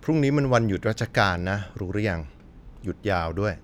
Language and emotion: Thai, neutral